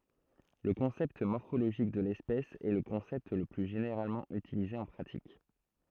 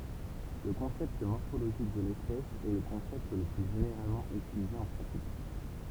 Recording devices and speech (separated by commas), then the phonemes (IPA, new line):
throat microphone, temple vibration pickup, read sentence
lə kɔ̃sɛpt mɔʁfoloʒik də lɛspɛs ɛ lə kɔ̃sɛpt lə ply ʒeneʁalmɑ̃ ytilize ɑ̃ pʁatik